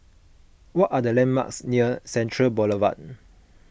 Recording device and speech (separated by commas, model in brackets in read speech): boundary microphone (BM630), read sentence